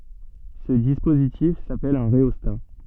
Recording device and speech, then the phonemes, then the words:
soft in-ear microphone, read sentence
sə dispozitif sapɛl œ̃ ʁeɔsta
Ce dispositif s'appelle un rhéostat.

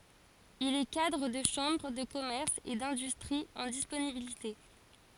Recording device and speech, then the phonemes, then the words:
forehead accelerometer, read sentence
il ɛ kadʁ də ʃɑ̃bʁ də kɔmɛʁs e dɛ̃dystʁi ɑ̃ disponibilite
Il est cadre de chambre de commerce et d'industrie en disponibilité.

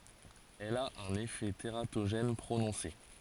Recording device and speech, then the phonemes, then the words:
forehead accelerometer, read sentence
ɛl a œ̃n efɛ teʁatoʒɛn pʁonɔ̃se
Elle a un effet tératogène prononcé.

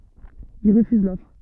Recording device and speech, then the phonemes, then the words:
soft in-ear microphone, read sentence
il ʁəfyz lɔfʁ
Il refuse l'offre.

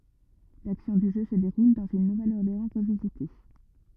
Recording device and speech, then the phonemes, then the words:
rigid in-ear microphone, read sentence
laksjɔ̃ dy ʒø sə deʁul dɑ̃z yn nuvɛləɔʁleɑ̃ ʁəvizite
L'action du jeu se déroule dans une Nouvelle-Orléans revisitée.

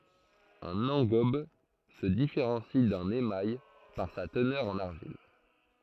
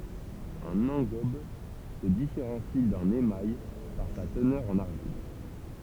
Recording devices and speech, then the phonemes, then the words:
throat microphone, temple vibration pickup, read sentence
œ̃n ɑ̃ɡɔb sə difeʁɑ̃si dœ̃n emaj paʁ sa tənœʁ ɑ̃n aʁʒil
Un engobe se différencie d'un émail par sa teneur en argile.

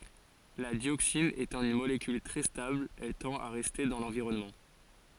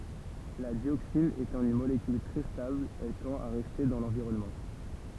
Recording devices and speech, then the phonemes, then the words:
forehead accelerometer, temple vibration pickup, read sentence
la djoksin etɑ̃ yn molekyl tʁɛ stabl ɛl tɑ̃t a ʁɛste dɑ̃ lɑ̃viʁɔnmɑ̃
La dioxine étant une molécule très stable, elle tend à rester dans l'environnement.

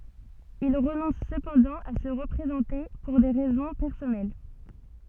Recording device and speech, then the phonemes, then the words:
soft in-ear microphone, read sentence
il ʁənɔ̃s səpɑ̃dɑ̃ a sə ʁəpʁezɑ̃te puʁ de ʁɛzɔ̃ pɛʁsɔnɛl
Il renonce cependant à se représenter, pour des raisons personnelles.

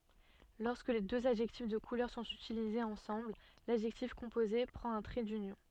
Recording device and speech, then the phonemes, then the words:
soft in-ear microphone, read sentence
lɔʁskə døz adʒɛktif də kulœʁ sɔ̃t ytilizez ɑ̃sɑ̃bl ladʒɛktif kɔ̃poze pʁɑ̃t œ̃ tʁɛ dynjɔ̃
Lorsque deux adjectifs de couleur sont utilisés ensemble, l'adjectif composé prend un trait d'union.

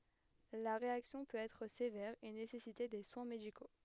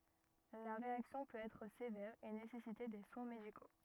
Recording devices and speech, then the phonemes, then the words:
headset microphone, rigid in-ear microphone, read sentence
la ʁeaksjɔ̃ pøt ɛtʁ sevɛʁ e nesɛsite de swɛ̃ mediko
La réaction peut être sévère et nécessiter des soins médicaux.

